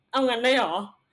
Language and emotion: Thai, frustrated